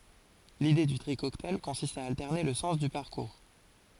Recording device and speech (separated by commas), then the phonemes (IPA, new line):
forehead accelerometer, read sentence
lide dy tʁi kɔktaj kɔ̃sist a altɛʁne lə sɑ̃s dy paʁkuʁ